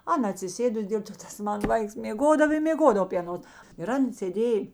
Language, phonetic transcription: Lithuanian, ˈana atsiˈsėdus ˈdėl to ˈtas ˈmana ˈvaiks mėˈgodav i mėˈgodava py aˈnos ir ˈan sėˈdėj

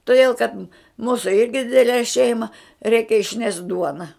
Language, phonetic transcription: Lithuanian, toˈdėl kad ˈmūsu ˈirgi ˈdidele ˈšeima ˈreikia išˈnešt ˈduona

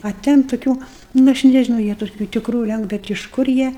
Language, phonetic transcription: Lithuanian, a ˈten tuˈkių nu ˈaš nežiˈnau ˈjie toˈkių tikˈrų ˈlenk ˈbet iš ˈkur jie

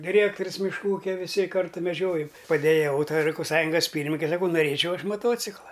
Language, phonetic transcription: Lithuanian, diˈrėktorius mišˈkų ˈūkia viˈsi ˈkartu meˈdžiojom padejaˈvau tai rajkopˈsąjungas ˈpyrminike saˈkau noˈrėčiau ˈaš maˈtocikla

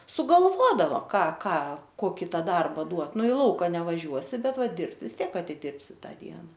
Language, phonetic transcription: Lithuanian, sugalˈvodavo ˈką ˈką ˈkoki ˈtą ˈdarba ˈduot ˈnu i ˈlauka nevaˈžiuosi ˈbet ˈva ˈdirbt vis ˈtiek atiˈdirbsi ˈtą ˈdiena

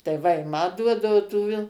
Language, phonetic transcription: Lithuanian, tai ˈva i ˈma ˈduodau tų vil

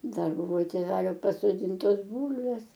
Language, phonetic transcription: Lithuanian, ˈdar ˈbuvo tėˈvelio pasoˈdyntos ˈbūlvės

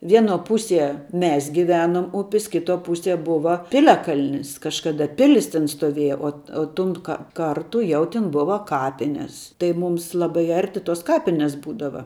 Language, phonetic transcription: Lithuanian, ˈvieno ˈpusie ˈmes giˈvenuom ˈupis ˈkituo ˈpusie ˈbuva ˈpiliakalnis kažˈkada ˈpilis ten stoˈvieja o o ˈtun ka ˈkartu ˈjau ˈtin ˈbuva ˈkapines tai ˈmūms ˈlabai ˈarti tos ˈkapines ˈbūdava

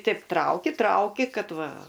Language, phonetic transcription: Lithuanian, ˈteip ˈtrauki ˈtrauki ˈkad ˈva

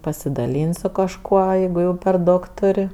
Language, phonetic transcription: Lithuanian, pasidaˈlyn't' su kažˈkuo ˈjeigu jau per ˈdaug ˈtur'

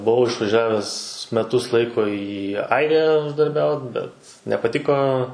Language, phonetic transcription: Lithuanian, ˈbuvau išvaˈžiaves meˈtus ˈlaiko į ˈairiją uždarˈbiaut bet nepaˈtiko

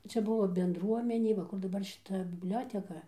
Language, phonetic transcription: Lithuanian, ˈčia ˈbuvo bendˈruomenė va ˈkur daˈbar šiˈta bibˈlioteka

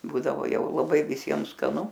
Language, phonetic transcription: Lithuanian, ˈbūdavo ˈjau laˈbai viˈsiem skaˈnu

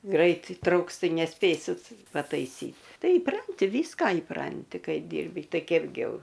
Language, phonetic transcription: Lithuanian, ˈgrait įˈtrauks ˈtai neˈspėsit pataiˈsyt ˈtai įˈpranti ˈvyska įˈpranti ˈkai ˈdyrbi ˈtai ˈkepgi ˈjau

